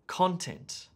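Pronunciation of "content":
In 'content', the stress falls on the first syllable.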